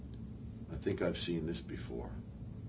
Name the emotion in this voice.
neutral